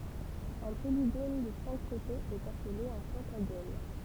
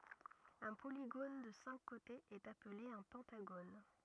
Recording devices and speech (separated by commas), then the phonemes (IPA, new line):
temple vibration pickup, rigid in-ear microphone, read sentence
œ̃ poliɡon də sɛ̃k kotez ɛt aple œ̃ pɑ̃taɡon